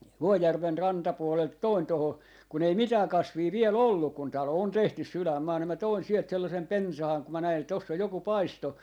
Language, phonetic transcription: Finnish, "Vuojärven 'ranta'puolelt toin 'toho , kun ‿ei "mitää "kasvii 'viel "olluk kun 'talo on 'tehtys "sylämmaahan ni mä 'toin 'sielt 'sellasem "pensahaŋ ku mä 'näin ‿et toss ‿oj joku 'paisto .
- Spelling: Vuojärven rantapuolelta toin tuohon kun ei mitään kasvia vielä ollut kun talo on tehty sydänmaahan niin minä toin sieltä sellaisen pensaan kun minä näin että tuossa on joku paisto

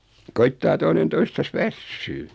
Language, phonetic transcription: Finnish, koittaa 'toinen 'toistas "vässyy . .
- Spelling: koettaa toinen toistansa väsyä

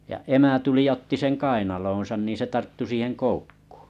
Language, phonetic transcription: Finnish, ja 'emä 'tuli ja 'otti seŋ "kainaloonsan nìn̬ se 'tarttu siiheŋ "koukkᴜᴜ .
- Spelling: ja emä tuli ja otti sen kainaloonsa niin se tarttui siihen koukkuun

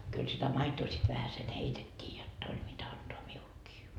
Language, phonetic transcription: Finnish, kyl sitä 'maitoo sit vähäsen "heitet́t́ii jot't ‿oĺ mitä antoa 'miulkii .
- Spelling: kyllä sitä maitoa sitten vähäsen heitettiin jotta oli mitä antaa minullekin

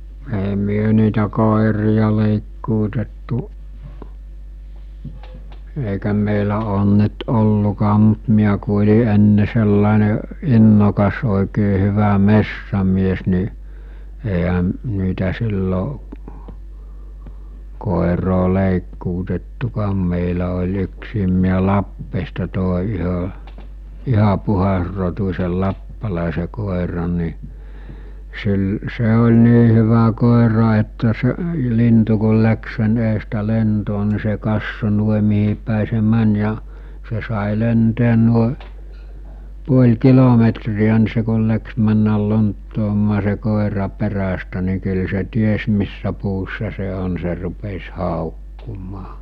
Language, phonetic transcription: Finnish, èi myö niitä 'kòerija lèìkkuutettu’ , èikä mèilä oon nyt 'ollukaam̆ mᴜt miä ku oĺi enne sellàene , 'innokas òikee hyvä "messämies ni , èiɦä , niitä sillo’ , kòeroo lèikkuutettukaam mèilä oĺ yksiim miä 'Lappeesta tòe yhö , 'iha 'puhasrotus̜el 'lappalàese 'kòeran̆ ni , 'sil- , 'se oĺ 'nii hyvä kòera että se- , 'lintu kul läks sen eestä 'lentoo ni se 'kasso 'nuoⁱ mihipä̀i se 'män ja , 'se sài 'lenteen nuoe , 'puoĺ 'kilometri₍ä ni se kul läks 'männäl "lonttoomaa se "kòera 'perästä ni kyl se 'ties missä puussa se on se rupes 'hàokkumaa .
- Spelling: ei me niitä koiria leikkuutettu eikä meillä ole nyt ollutkaan mutta minä kun olin ennen sellainen innokas oikein hyvä metsämies niin eihän niitä silloin koiraa leikkuutettukaan meillä oli yksikin mies Lappeesta toi yhden ihan puhdasrotuisen lappalaisen koiran niin - se oli niin hyvä koira että - lintu kun lähti sen edestä lentoon niin se katsoi noin mihinpäin se meni ja se sai lentää noin puoli kilometriä niin se kun lähti mennä lonttoamaan se koira perästä niin kyllä se tiesi missä puussa se on se rupesi haukkumaan

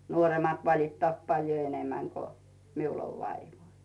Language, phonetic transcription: Finnish, 'nuoremat 'valittaat paljo "enemäŋ ko , miul ov 'vaivoi .
- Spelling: nuoremmat valittaa paljon enemmän kuin minulla on vaivoja

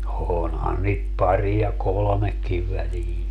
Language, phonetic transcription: Finnish, 'oonhan niit 'pari ja "kolᵒmekkiv 'välii .
- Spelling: onhan niitä pari ja kolmekin väliin

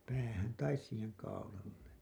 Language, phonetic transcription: Finnish, 'päähän "tais siiheŋ kaulalle .
- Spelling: päähän tai siihen kaulalle

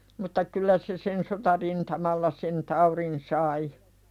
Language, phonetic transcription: Finnish, mutta "kyllä se sen sotarintamalla sen 'tauðin sai .
- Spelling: mutta kyllä se sen sotarintamalla sen taudin sai

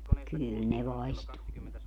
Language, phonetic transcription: Finnish, 'kyyl ne 'vaistuu .
- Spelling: kyllä ne vaistoaa

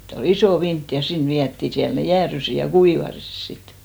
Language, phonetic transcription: Finnish, 'sitt ‿o"l ‿isò 'vint ja 'sin 'viätti , 'siäl ne "jäärysi , ja "kuivasis 'sit .
- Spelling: sitten oli iso vintti ja sinne vietiin siellä ne jäätyivät ja kuivuivat sitten

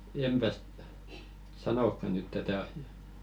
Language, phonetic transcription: Finnish, 'empäs , "sanokka nyt 'tätä asi₍ᵃ .
- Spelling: enpäs sanokaan nyt tätä asiaa

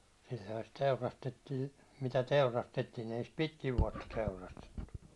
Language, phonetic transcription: Finnish, sil̜l̜ᵒha sit 'teurastettii , mitä 'teurastettiin̬ ei sit "pitkiv vuåtta 'teurastettu .
- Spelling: silloinhan sitä teurastettiin mitä teurastettiin ei sitä pitkin vuotta teurastettu

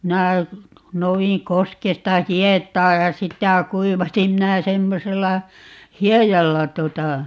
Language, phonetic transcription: Finnish, 'minä , 'nouwiŋ 'koskesta "hiet̀aa ja "sitä "kuivasim - 'minä 'semmosella , "hiejalla 'tuota ,.
- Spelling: minä noudin koskesta hietaa ja sitä kuivasin minä semmoisella hiedalla tuota

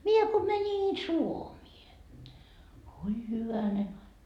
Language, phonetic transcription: Finnish, 'mie ko mäńin "Suomie , oi 'hyvänen ‿ai(ka) .
- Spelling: minä kun menin Suomeen oi hyvänen aika

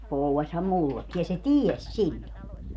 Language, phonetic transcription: Finnish, 'pouwwaśham "mullekki ja 'se "tieś "siĺĺo .
- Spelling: povasihan minullekin ja se tiesi silloin

